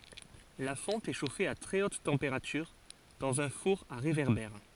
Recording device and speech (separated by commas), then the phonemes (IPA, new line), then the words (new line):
forehead accelerometer, read sentence
la fɔ̃t ɛ ʃofe a tʁɛ ot tɑ̃peʁatyʁ dɑ̃z œ̃ fuʁ a ʁevɛʁbɛʁ
La fonte est chauffée à très haute température dans un four à réverbère.